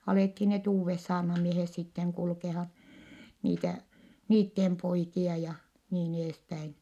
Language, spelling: Finnish, alettiin ne uudet saarnamiehet sitten kulkemaan niitä niiden poikia ja niin edespäin
- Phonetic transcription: alèthi net uuvves saarnamiehes sitteŋ kulkehan̬ , niitä , niittem poikia ja , niin ‿eespäin .

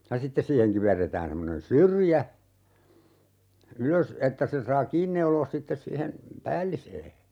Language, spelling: Finnish, ja sitten siihen kiverretään semmoinen syrjä ylös että sen saa kiinni neuloa sitten siihen päälliseen
- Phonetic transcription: ja 'sittes siiheŋ 'kiverretään semmonen "syrjä , 'ylös , 'että sen̬ saa "kiin neuloos 'sittes siihen , "päällisee .

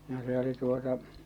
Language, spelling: Finnish, no se oli tuota
- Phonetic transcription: no se oli tuota .

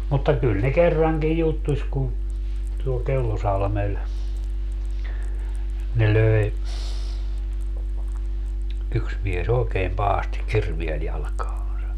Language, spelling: Finnish, mutta kyllä ne kerrankin juttusi kun tuolla Kellosalmella ne löi yksi mies oikein pahasti kirveellä jalkaansa
- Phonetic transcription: mutta 'kyl ne 'kerraŋkij 'juttuś kun , tuol 'Kellosalmel , ne 'löe , 'yks mie's ‿ookeem 'pahasti "kirviel 'jalᵃkaaa̰sa .

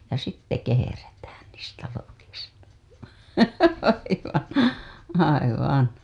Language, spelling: Finnish, ja sitten kehrätään niistä lokista aivan aivan
- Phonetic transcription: ja 'sitte keherätään niistä lokista , , aivan̬ , 'aivan .

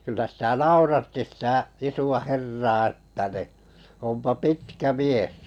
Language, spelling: Finnish, kyllä sitä nauratti sitä isoa herraa että niin onpa pitkä mies
- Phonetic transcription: kyllä 'sitä "nauratti sitä , 'isu₍a "herraa ᴇttä ni , » ompa "pitkä 'mies « .

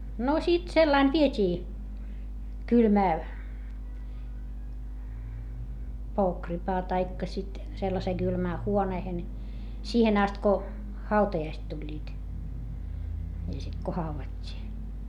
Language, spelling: Finnish, no sitten sellainen vietiin kylmään pokripaan tai sitten sellaiseen kylmään huoneeseen siihen asti kun hautajaiset tulivat ja sitten kun haudattiin
- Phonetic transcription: no sit sellain viet́ii , kylmää , pookripaa taikka sit , sellasee Gylmää huoneehen , siihen ‿ast ko , hautajaist tuĺĺiit , ja sit ko hauvat́t́ii .

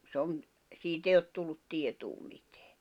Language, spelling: Finnish, se on siitä ei ole tullut tietoa mitään
- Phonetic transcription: sᵉ ‿on , 'siit ‿èi ot tullut 'tietuu mitᴇᴀ̈ .

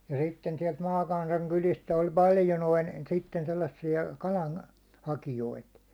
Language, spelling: Finnish, ja sitten sieltä maakansan kylistä oli paljon noin sitten sellaisia kalan hakijoita
- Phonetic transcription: ja 'sitten siɛlt 'maakansaŋ kylist ‿oĺ 'paljo noin̬ , sitten sellassi₍a 'kalan , "hakijoit .

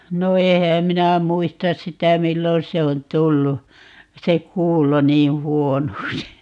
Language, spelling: Finnish, no enhän minä muista sitä milloin se on tullut se kuulo niin huonoksi
- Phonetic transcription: no 'ehääm 'minä "muistas 'sitä "millon se on 'tullu , 'se "kuulo 'nii "huonoksi .

